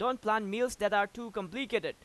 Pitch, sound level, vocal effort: 230 Hz, 96 dB SPL, very loud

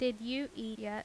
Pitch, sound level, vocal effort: 235 Hz, 85 dB SPL, normal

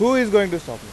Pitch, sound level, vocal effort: 200 Hz, 98 dB SPL, very loud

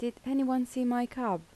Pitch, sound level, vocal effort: 245 Hz, 80 dB SPL, soft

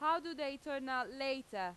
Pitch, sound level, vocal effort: 275 Hz, 94 dB SPL, very loud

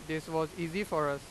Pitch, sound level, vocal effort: 160 Hz, 95 dB SPL, loud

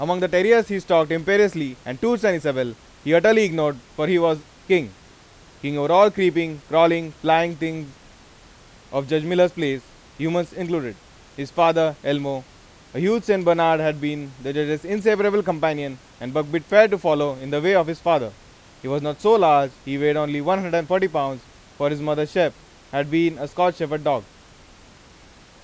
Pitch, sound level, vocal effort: 155 Hz, 97 dB SPL, very loud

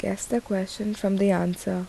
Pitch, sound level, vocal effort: 195 Hz, 74 dB SPL, soft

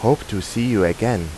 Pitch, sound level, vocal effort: 110 Hz, 86 dB SPL, normal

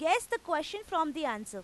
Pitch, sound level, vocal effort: 320 Hz, 96 dB SPL, very loud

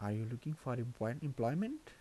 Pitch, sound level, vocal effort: 125 Hz, 78 dB SPL, soft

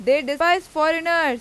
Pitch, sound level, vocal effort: 320 Hz, 98 dB SPL, very loud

